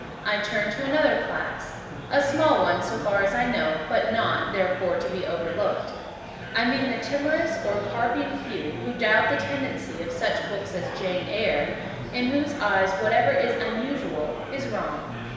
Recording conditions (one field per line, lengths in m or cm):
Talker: one person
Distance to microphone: 1.7 m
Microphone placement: close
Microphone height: 1.0 m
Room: very reverberant, large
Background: babble